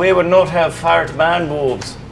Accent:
scottish accent